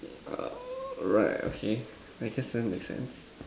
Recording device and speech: standing microphone, conversation in separate rooms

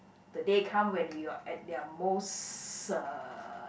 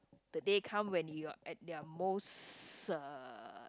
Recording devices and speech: boundary microphone, close-talking microphone, conversation in the same room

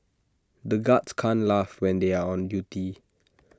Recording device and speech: standing microphone (AKG C214), read sentence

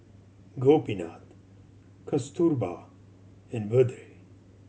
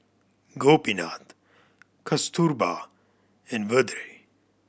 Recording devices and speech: mobile phone (Samsung C7100), boundary microphone (BM630), read sentence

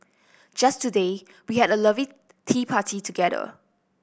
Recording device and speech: boundary microphone (BM630), read sentence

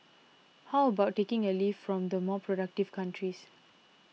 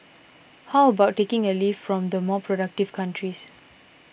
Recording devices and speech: mobile phone (iPhone 6), boundary microphone (BM630), read sentence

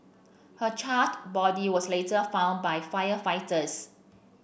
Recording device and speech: boundary microphone (BM630), read sentence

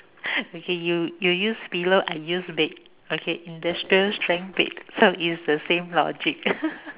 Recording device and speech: telephone, conversation in separate rooms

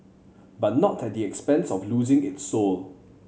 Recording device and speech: mobile phone (Samsung C7100), read sentence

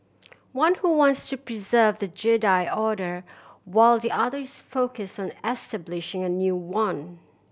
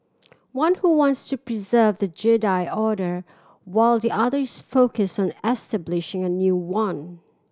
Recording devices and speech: boundary microphone (BM630), standing microphone (AKG C214), read sentence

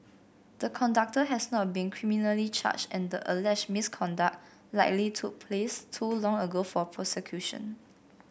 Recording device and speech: boundary microphone (BM630), read sentence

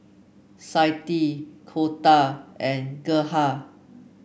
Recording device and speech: boundary microphone (BM630), read sentence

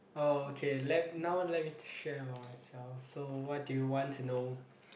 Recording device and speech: boundary microphone, conversation in the same room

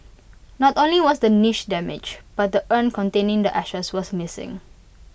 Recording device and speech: boundary microphone (BM630), read sentence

